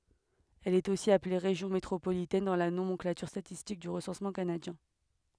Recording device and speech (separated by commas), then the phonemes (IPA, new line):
headset microphone, read sentence
ɛl ɛt osi aple ʁeʒjɔ̃ metʁopolitɛn dɑ̃ la nomɑ̃klatyʁ statistik dy ʁəsɑ̃smɑ̃ kanadjɛ̃